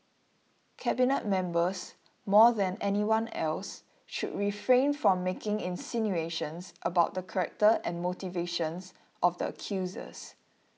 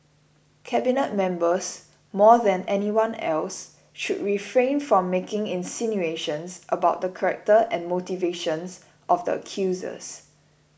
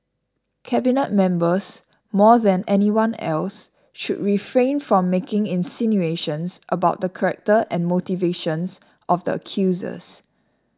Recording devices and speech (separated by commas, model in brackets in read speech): mobile phone (iPhone 6), boundary microphone (BM630), standing microphone (AKG C214), read sentence